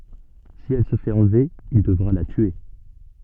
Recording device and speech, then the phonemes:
soft in-ear microphone, read sentence
si ɛl sə fɛt ɑ̃lve il dəvʁa la tye

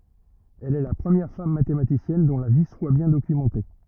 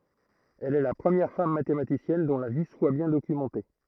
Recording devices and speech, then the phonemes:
rigid in-ear microphone, throat microphone, read sentence
ɛl ɛ la pʁəmjɛʁ fam matematisjɛn dɔ̃ la vi swa bjɛ̃ dokymɑ̃te

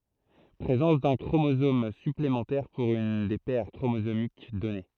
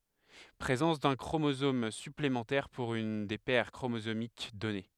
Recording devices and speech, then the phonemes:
throat microphone, headset microphone, read sentence
pʁezɑ̃s dœ̃ kʁomozom syplemɑ̃tɛʁ puʁ yn de pɛʁ kʁomozomik dɔne

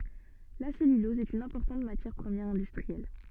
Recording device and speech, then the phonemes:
soft in-ear microphone, read sentence
la sɛlylɔz ɛt yn ɛ̃pɔʁtɑ̃t matjɛʁ pʁəmjɛʁ ɛ̃dystʁiɛl

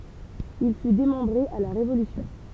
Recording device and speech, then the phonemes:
temple vibration pickup, read sentence
il fy demɑ̃bʁe a la ʁevolysjɔ̃

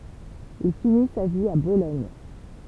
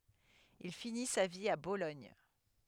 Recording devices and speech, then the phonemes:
temple vibration pickup, headset microphone, read sentence
il fini sa vi a bolɔɲ

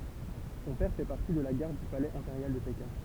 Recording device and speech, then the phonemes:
temple vibration pickup, read sentence
sɔ̃ pɛʁ fɛ paʁti də la ɡaʁd dy palɛz ɛ̃peʁjal də pekɛ̃

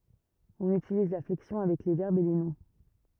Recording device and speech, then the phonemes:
rigid in-ear microphone, read sentence
ɔ̃n ytiliz la flɛksjɔ̃ avɛk le vɛʁbz e le nɔ̃

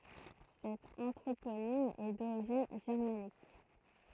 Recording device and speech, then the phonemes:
throat microphone, read sentence
sɛt ɑ̃tʁoponim ɛ doʁiʒin ʒɛʁmanik

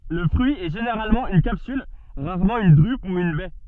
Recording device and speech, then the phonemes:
soft in-ear microphone, read sentence
lə fʁyi ɛ ʒeneʁalmɑ̃ yn kapsyl ʁaʁmɑ̃ yn dʁyp u yn bɛ

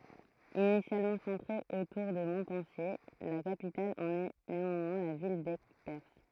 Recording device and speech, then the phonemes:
throat microphone, read sentence
inisjalmɑ̃ sɑ̃tʁe otuʁ də mɔ̃pɑ̃sje la kapital ɑ̃n ɛ neɑ̃mwɛ̃ la vil dɛɡpɛʁs

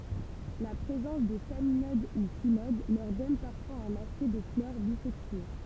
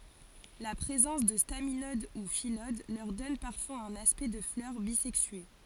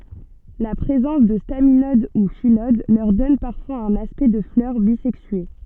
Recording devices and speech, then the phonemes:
temple vibration pickup, forehead accelerometer, soft in-ear microphone, read sentence
la pʁezɑ̃s də staminod u filod lœʁ dɔn paʁfwaz œ̃n aspɛkt də flœʁ bizɛksye

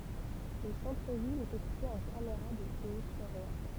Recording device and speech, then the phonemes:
temple vibration pickup, read sentence
lə sɑ̃tʁ vil ɛt ekipe ɑ̃ kameʁa də video syʁvɛjɑ̃s

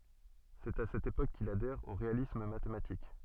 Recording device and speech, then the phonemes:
soft in-ear microphone, read sentence
sɛt a sɛt epok kil adɛʁ o ʁealism matematik

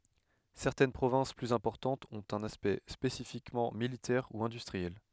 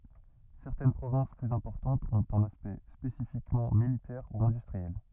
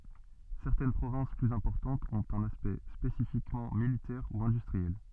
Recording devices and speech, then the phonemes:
headset microphone, rigid in-ear microphone, soft in-ear microphone, read sentence
sɛʁtɛn pʁovɛ̃s plyz ɛ̃pɔʁtɑ̃tz ɔ̃t œ̃n aspɛkt spesifikmɑ̃ militɛʁ u ɛ̃dystʁiɛl

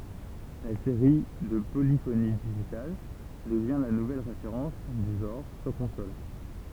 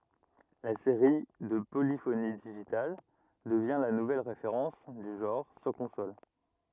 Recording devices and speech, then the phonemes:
temple vibration pickup, rigid in-ear microphone, read sentence
la seʁi də polifoni diʒital dəvjɛ̃ la nuvɛl ʁefeʁɑ̃s dy ʒɑ̃ʁ syʁ kɔ̃sol

